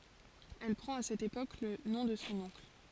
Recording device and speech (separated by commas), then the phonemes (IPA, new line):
forehead accelerometer, read sentence
ɛl pʁɑ̃t a sɛt epok lə nɔ̃ də sɔ̃ ɔ̃kl